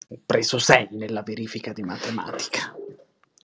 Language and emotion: Italian, angry